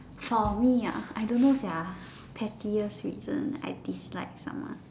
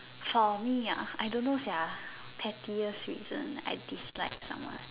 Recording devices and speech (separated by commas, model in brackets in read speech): standing microphone, telephone, conversation in separate rooms